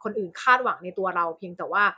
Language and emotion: Thai, frustrated